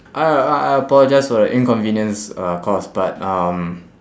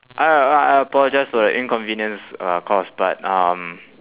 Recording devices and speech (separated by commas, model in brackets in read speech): standing microphone, telephone, conversation in separate rooms